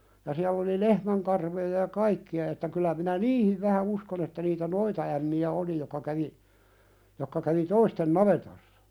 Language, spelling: Finnish, ja siellä oli lehmänkarvoja ja kaikkia että kyllä minä niihin vähän uskon että niitä noitaämmiä oli jotka kävi jotka kävi toisten navetoissa
- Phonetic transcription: ja siäll ‿oli 'lehmäŋkarvoja ja "kaikki₍a että kyllä minä "niihiv vähä 'uskon ‿että niitä "noitaämmi₍ä 'oli jokka kävi , jokka kävi "toisten navetossa .

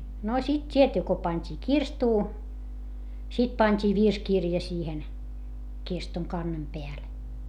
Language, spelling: Finnish, no sitten tietty kun pantiin kirstuun sitten pantiin virsikirja siihen kirstun kannen päälle
- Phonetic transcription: no sit t́ietty ko pańt́ii kirstuu , sit pańt́ii virskirja siihen , kirstuŋ kannem peäl .

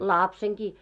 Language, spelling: Finnish, lapsenakin
- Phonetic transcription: làpseŋkii .

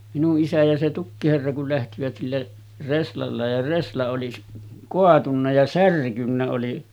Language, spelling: Finnish, minun isä ja se tukkiherra kun lähtivät sillä reslalla ja resla oli - kaatunut ja särkynyt oli
- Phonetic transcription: minuˀ 'ˀisä ja se 'tukkiherra kul lähtivät sillä , 'reslalla ja 'resla oli s- , 'koatunna ja 'särkynnä oli .

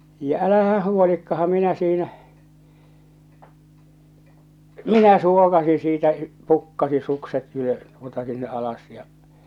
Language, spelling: Finnish, ja älähän huolikaan minä siinä minä suokasin siitä pukkasin sukset - tuota sinne alas ja
- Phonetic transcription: ja '’älähä 'huolikkaham 'minä siinä , "minä 'suokasi siitä , 'pukkasi 'sukset ylö- , tuota sinne '’alas ja .

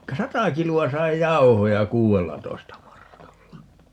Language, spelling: Finnish, sata kiloa sai jauhoja kuudellatoista markalla
- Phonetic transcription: "sata 'kilu₍a 'sai "jau̬hoja "kuu₍ellatoista 'markalla .

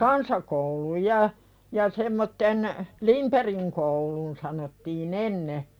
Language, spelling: Finnish, kansakoulun ja ja semmoisen Lindbergin koulu sanottiin ennen
- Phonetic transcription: kansakouluj ja , ja semmotten , "Limperiŋ koulun sanottii'n ‿enne .

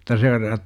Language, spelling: Finnish, mutta se on -
- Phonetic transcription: mut̆ta se o rat- ,.

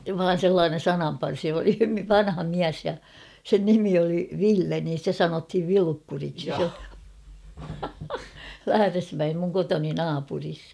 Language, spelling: Finnish, vain sellainen sananparsi oli vanha mies ja sen nimi oli Ville niin sitä sanottiin Vilukkuriksi Lähdesmäen minun kotini naapurissa
- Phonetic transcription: vaan̬ 'sellaanen̬ "sanamparsi oli "vanha 'miäs ja , 'sen "nimi oli "Ville nin̬ stä "sanothiv 'Vilukkuriksi , "Lähäresmäem muŋ 'kotoni "naapuris .

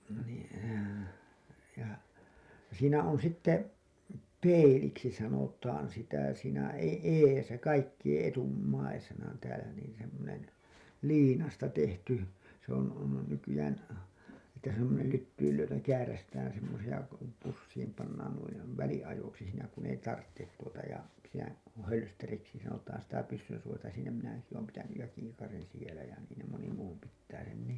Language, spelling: Finnish, niin ja siinä on sitten peiliksi sanotaan sitä siinä - edessä kaikkien etummaisena täällä niin semmoinen liinasta tehty se on on nykyään että semmoinen lyttyyn lyötävä kääräistään semmoisia kun pussiin pannaan noin väliajoiksi siinä kun ei tarvitse tuota ja siinä hölsteriksi sanotaan sitä pyssynsuojainta siinä minä ainakin olen pitänyt ja kiikarin siellä ja niin ne moni muu pitää sen niin
- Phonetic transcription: nii , ja , siinä on sitte , "peiliksi sanotaan sitä siinä e- , "eesä 'kaikkiʲeḛ "’etummaisena täälä niin semmonen , "liinasta tehty , se ‿on , on nykyjään , että semmonel lyttyyl lyöt[ävä] , 'käärästään semmosiʲa , ko pussiim pannaan nuin̬ , 'väli₍ajoksi siinä kun ‿ei "tarttet tuota ja , siinä , "hölsteriksi sanotaan sitä 'pyssynsuojainta siinä minä ainaki oom pitänyj ja 'kiikarin sielä ja niin ne moni 'muu pittää sen nii .

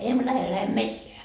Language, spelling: Finnish, emme lähde lähdemme metsään
- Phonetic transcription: 'emᵐᵒ̈ 'lähe , 'lähem "metseä » .

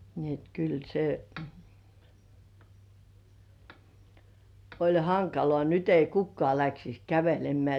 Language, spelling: Finnish, niin että kyllä se oli hankalaa nyt ei kukkaan lähtisi kävelemään
- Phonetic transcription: ni et kyl se , oĺ "haŋkalŏà 'nyt ‿ei "kukkŏ§à läksis "kävelem̆§mĕä̀ .

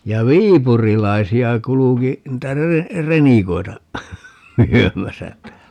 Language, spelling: Finnish, ja viipurilaisia kulki niitä - renikoita myymässä täällä
- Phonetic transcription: ja "viipurilaisi₍a 'kuluki , niitä 'rene- , 'renikoi̮ta , 'myömäsä (täällä) .

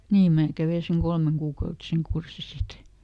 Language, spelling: Finnish, niin minä kävin sen kolmekuukautisen kurssin sitten
- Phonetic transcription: ˈniim ˈmää ˈkävei seŋ "kolmeŋkuukautiseŋ ˈkursi ˈsit .

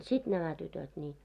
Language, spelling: Finnish, sitten nämä tytöt niin
- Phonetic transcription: 'sit nämä tytöt ńii .

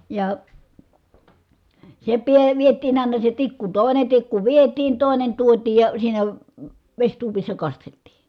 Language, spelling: Finnish, ja se pää vietiin aina se tikku toinen tikku vietiin toinen tuotiin ja siinä vesituopissa kasteltiin
- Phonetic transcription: ja , se piə viet̀iin àina se tikku , tòine tikku vietiin , tòinen tuotiij ja siinä , veśtuopissa kasteltii .

